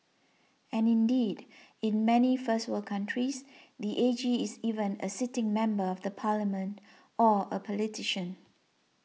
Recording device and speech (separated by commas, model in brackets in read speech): mobile phone (iPhone 6), read sentence